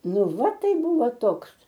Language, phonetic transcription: Lithuanian, ˈnu ˈva ˈtai ˈbuvo ˈtoks

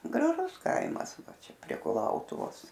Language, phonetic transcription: Lithuanian, graˈžus ˈkaimas ˈva ˈčia prie kuˈlautuvos

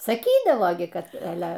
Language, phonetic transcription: Lithuanian, saˈkydavo ˈgi ˈkad aˈle

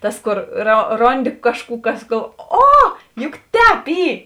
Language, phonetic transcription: Lithuanian, ˈtas ˈkor ro ˈronˌdi ˈkažˌkų ˈkas gal ˈo ˈjuk ˈtēp ˈy

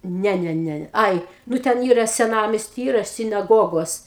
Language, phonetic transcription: Lithuanian, ˈne ˈne ˈne ˈai ˈnu ten ˈyra seˈnamesty ˈyra sinaˈgogos

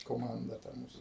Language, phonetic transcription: Lithuanian, koˈmanda ta ˈmūs

